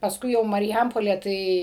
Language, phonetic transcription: Lithuanian, pasˈkui jau marˈjampolė ˈtai

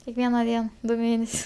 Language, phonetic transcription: Lithuanian, kekˈviena ˈdien ˈdu ˈmėnesius

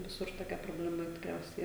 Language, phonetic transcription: Lithuanian, viˈsur toˈkia probleˈma tikˈriausiai

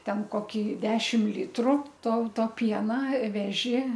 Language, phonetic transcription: Lithuanian, ˈten koˈkį ˈdešim ˈlytru ˈtau ˈto ˈpiena ˈveži

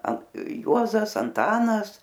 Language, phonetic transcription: Lithuanian, an ˈjuozas anˈtanas

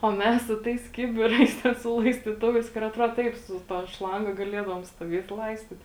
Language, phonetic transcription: Lithuanian, o ˈmes su ˈtais ˈkibiˌrais ˈte su laistyˈtuvais kur atˈruod ˈtaip su ˈta ˈšlanga gaˈliedavom stuoˈviet ˈlaistit

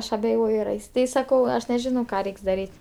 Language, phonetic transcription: Lithuanian, ˈaš abeˈjoju ar ˈais tai saˈkau ˈaš neˈžinau ˈką ˈreiks daˈryt'

